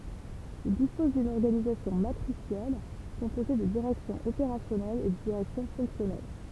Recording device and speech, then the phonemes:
temple vibration pickup, read sentence
il dispɔz dyn ɔʁɡanizasjɔ̃ matʁisjɛl kɔ̃poze də diʁɛksjɔ̃z opeʁasjɔnɛlz e də diʁɛksjɔ̃ fɔ̃ksjɔnɛl

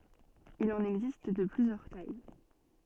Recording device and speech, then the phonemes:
soft in-ear microphone, read sentence
il ɑ̃n ɛɡzist də plyzjœʁ taj

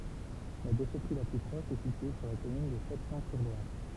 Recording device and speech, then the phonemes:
temple vibration pickup, read sentence
la deʃɛtʁi la ply pʁɔʃ ɛ sitye syʁ la kɔmyn də ʃatijɔ̃syʁlwaʁ

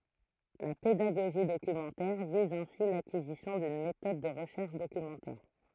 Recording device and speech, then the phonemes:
throat microphone, read sentence
la pedaɡoʒi dokymɑ̃tɛʁ viz ɛ̃si lakizisjɔ̃ dyn metɔd də ʁəʃɛʁʃ dokymɑ̃tɛʁ

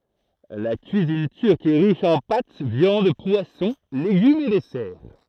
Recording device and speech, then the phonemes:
throat microphone, read sentence
la kyizin tyʁk ɛ ʁiʃ ɑ̃ pat vjɑ̃d pwasɔ̃ leɡymz e dɛsɛʁ

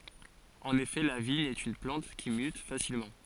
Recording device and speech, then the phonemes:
forehead accelerometer, read sentence
ɑ̃n efɛ la viɲ ɛt yn plɑ̃t ki myt fasilmɑ̃

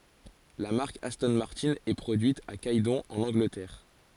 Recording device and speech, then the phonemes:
forehead accelerometer, read sentence
la maʁk astɔ̃ maʁtɛ̃ ɛ pʁodyit a ɡɛdɔ̃ ɑ̃n ɑ̃ɡlətɛʁ

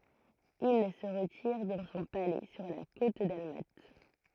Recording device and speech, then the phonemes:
throat microphone, read sentence
il sə ʁətiʁ dɑ̃ sɔ̃ palɛ syʁ la kot dalmat

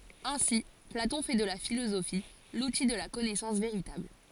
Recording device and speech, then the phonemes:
forehead accelerometer, read sentence
ɛ̃si platɔ̃ fɛ də la filozofi luti də la kɔnɛsɑ̃s veʁitabl

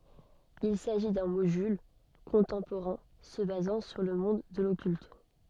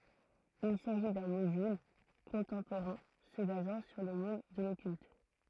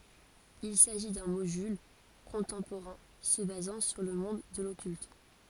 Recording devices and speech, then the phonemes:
soft in-ear microphone, throat microphone, forehead accelerometer, read sentence
il saʒi dœ̃ modyl kɔ̃tɑ̃poʁɛ̃ sə bazɑ̃ syʁ lə mɔ̃d də lɔkylt

